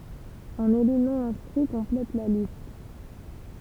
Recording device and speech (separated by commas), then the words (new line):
temple vibration pickup, read sentence
Un élu non-inscrit complète la liste.